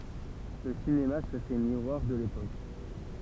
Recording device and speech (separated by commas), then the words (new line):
temple vibration pickup, read sentence
Le cinéma se fait miroir de l'époque.